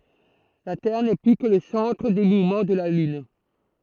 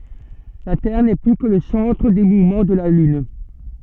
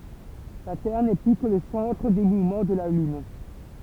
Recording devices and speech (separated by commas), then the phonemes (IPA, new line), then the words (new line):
throat microphone, soft in-ear microphone, temple vibration pickup, read sentence
la tɛʁ nɛ ply kə lə sɑ̃tʁ de muvmɑ̃ də la lyn
La Terre n'est plus que le centre des mouvements de la Lune.